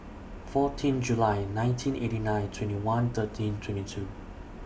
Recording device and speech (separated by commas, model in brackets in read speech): boundary microphone (BM630), read sentence